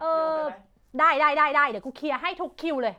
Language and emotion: Thai, frustrated